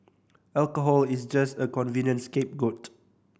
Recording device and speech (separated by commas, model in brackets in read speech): boundary microphone (BM630), read sentence